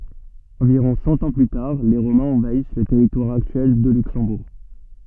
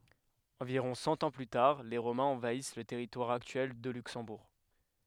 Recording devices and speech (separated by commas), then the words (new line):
soft in-ear microphone, headset microphone, read sentence
Environ cent ans plus tard, les Romains envahissent le territoire actuel de Luxembourg.